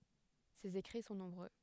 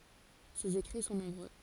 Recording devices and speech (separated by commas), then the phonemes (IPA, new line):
headset microphone, forehead accelerometer, read sentence
sez ekʁi sɔ̃ nɔ̃bʁø